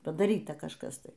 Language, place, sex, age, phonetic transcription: Lithuanian, Aukštaitija, female, 60+, padaˈryta kažˈkas ˈtai

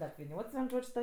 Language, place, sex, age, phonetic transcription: Lithuanian, Aukštaitija, female, 18-60, apviˈniots vien ˈžodž' ta

